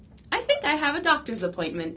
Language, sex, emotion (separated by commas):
English, female, happy